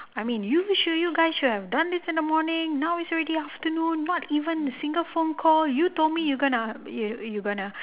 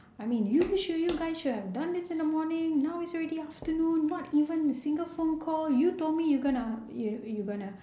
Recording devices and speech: telephone, standing microphone, conversation in separate rooms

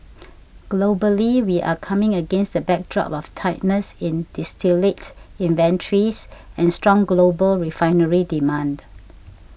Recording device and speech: boundary microphone (BM630), read sentence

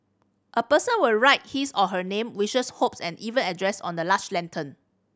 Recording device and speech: standing microphone (AKG C214), read sentence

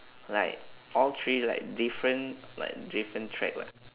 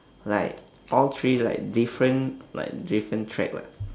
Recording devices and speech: telephone, standing microphone, conversation in separate rooms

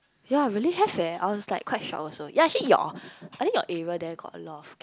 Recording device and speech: close-talking microphone, conversation in the same room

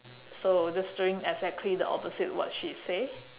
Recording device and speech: telephone, conversation in separate rooms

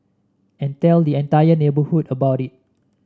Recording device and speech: standing microphone (AKG C214), read sentence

